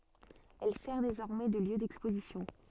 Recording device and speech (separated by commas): soft in-ear microphone, read sentence